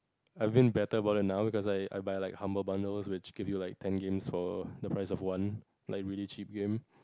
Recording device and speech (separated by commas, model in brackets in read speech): close-talking microphone, conversation in the same room